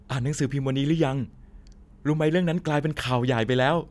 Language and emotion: Thai, happy